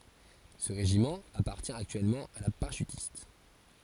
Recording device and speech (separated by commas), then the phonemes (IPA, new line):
forehead accelerometer, read sentence
sə ʁeʒimɑ̃ apaʁtjɛ̃ aktyɛlmɑ̃ a la paʁaʃytist